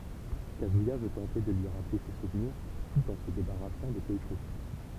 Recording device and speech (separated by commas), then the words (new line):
temple vibration pickup, read sentence
Kazuya veut tenter de lui rappeler ses souvenirs, tout en se débarrassant de Keiko.